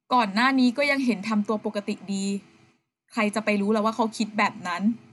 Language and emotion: Thai, neutral